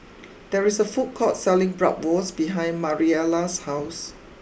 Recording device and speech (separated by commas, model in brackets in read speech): boundary microphone (BM630), read sentence